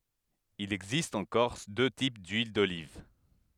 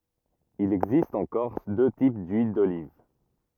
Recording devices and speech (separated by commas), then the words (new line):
headset microphone, rigid in-ear microphone, read sentence
Il existe en Corse deux types d'huiles d'olive.